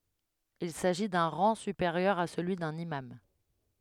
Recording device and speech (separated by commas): headset microphone, read sentence